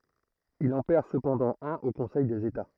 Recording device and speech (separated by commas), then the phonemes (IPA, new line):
throat microphone, read sentence
il ɑ̃ pɛʁ səpɑ̃dɑ̃ œ̃n o kɔ̃sɛj dez eta